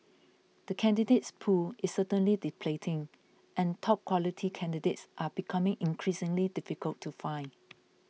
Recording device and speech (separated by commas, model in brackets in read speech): mobile phone (iPhone 6), read sentence